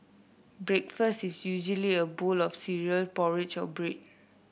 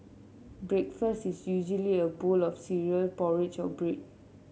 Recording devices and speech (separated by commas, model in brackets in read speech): boundary microphone (BM630), mobile phone (Samsung C7), read sentence